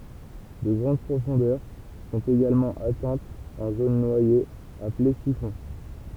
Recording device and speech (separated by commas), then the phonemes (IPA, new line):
temple vibration pickup, read sentence
də ɡʁɑ̃d pʁofɔ̃dœʁ sɔ̃t eɡalmɑ̃ atɛ̃tz ɑ̃ zon nwajez aple sifɔ̃